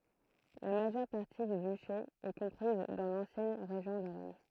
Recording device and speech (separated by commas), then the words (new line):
throat microphone, read sentence
La majeure partie du duché est comprise dans l'ancienne région Lorraine.